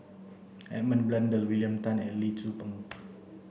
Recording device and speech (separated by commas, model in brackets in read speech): boundary microphone (BM630), read sentence